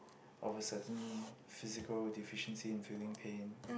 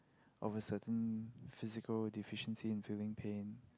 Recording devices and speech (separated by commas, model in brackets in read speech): boundary microphone, close-talking microphone, conversation in the same room